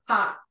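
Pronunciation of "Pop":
The final T in 'pot' is an unreleased T. It is not fully said, so no clear T sound is heard at the end.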